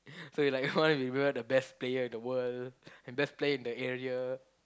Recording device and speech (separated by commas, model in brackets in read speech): close-talking microphone, conversation in the same room